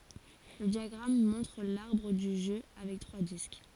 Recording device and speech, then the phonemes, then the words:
forehead accelerometer, read sentence
lə djaɡʁam mɔ̃tʁ laʁbʁ dy ʒø avɛk tʁwa disk
Le diagramme montre l'arbre du jeu avec trois disques.

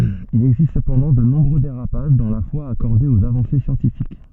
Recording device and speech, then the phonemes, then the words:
soft in-ear microphone, read sentence
il ɛɡzist səpɑ̃dɑ̃ də nɔ̃bʁø deʁapaʒ dɑ̃ la fwa akɔʁde oz avɑ̃se sjɑ̃tifik
Il existe cependant de nombreux dérapages dans la foi accordée aux avancées scientifiques.

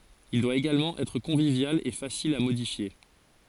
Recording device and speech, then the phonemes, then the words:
forehead accelerometer, read sentence
il dwa eɡalmɑ̃ ɛtʁ kɔ̃vivjal e fasil a modifje
Il doit également être convivial et facile à modifier.

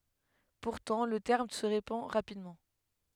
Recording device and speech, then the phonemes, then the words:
headset microphone, read sentence
puʁtɑ̃ lə tɛʁm sə ʁepɑ̃ ʁapidmɑ̃
Pourtant, le terme se répand rapidement.

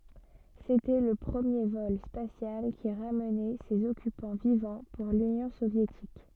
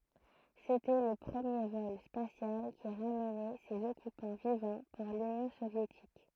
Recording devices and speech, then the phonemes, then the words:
soft in-ear microphone, throat microphone, read sentence
setɛ lə pʁəmje vɔl spasjal ki ʁamnɛ sez ɔkypɑ̃ vivɑ̃ puʁ lynjɔ̃ sovjetik
C'était le premier vol spatial qui ramenait ses occupants vivants pour l'union soviétique.

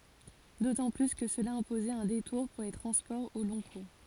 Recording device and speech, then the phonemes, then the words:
forehead accelerometer, read sentence
dotɑ̃ ply kə səla ɛ̃pozɛt œ̃ detuʁ puʁ le tʁɑ̃spɔʁz o lɔ̃ kuʁ
D'autant plus que cela imposait un détour pour les transports au long cours.

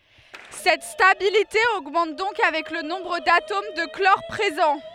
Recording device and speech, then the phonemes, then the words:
headset microphone, read sentence
sɛt stabilite oɡmɑ̃t dɔ̃k avɛk lə nɔ̃bʁ datom də klɔʁ pʁezɑ̃
Cette stabilité augmente donc avec le nombre d'atomes de chlore présents.

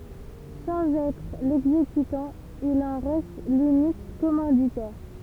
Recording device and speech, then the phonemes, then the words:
temple vibration pickup, read sentence
sɑ̃z ɛtʁ lɛɡzekytɑ̃ il ɑ̃ ʁɛst lynik kɔmɑ̃ditɛʁ
Sans être l'exécutant, il en reste l'unique commanditaire.

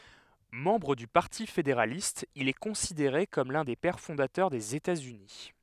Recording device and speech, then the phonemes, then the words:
headset microphone, read sentence
mɑ̃bʁ dy paʁti fedeʁalist il ɛ kɔ̃sideʁe kɔm lœ̃ de pɛʁ fɔ̃datœʁ dez etatsyni
Membre du Parti fédéraliste, il est considéré comme l'un des Pères fondateurs des États-Unis.

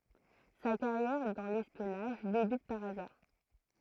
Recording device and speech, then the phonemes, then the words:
throat microphone, read sentence
sa kaʁjɛʁ dɑ̃ lɛspjɔnaʒ debyt paʁ azaʁ
Sa carrière dans l'espionnage débute par hasard.

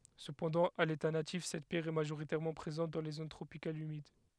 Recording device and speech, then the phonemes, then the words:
headset microphone, read sentence
səpɑ̃dɑ̃ a leta natif sɛt pjɛʁ ɛ maʒoʁitɛʁmɑ̃ pʁezɑ̃t dɑ̃ le zon tʁopikalz ymid
Cependant, à l'état natif, cette pierre est majoritairement présente dans les zones tropicales humides.

